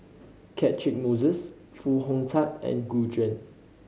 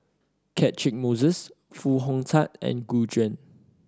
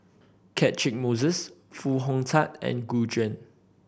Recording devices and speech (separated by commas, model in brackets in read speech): mobile phone (Samsung C5010), standing microphone (AKG C214), boundary microphone (BM630), read sentence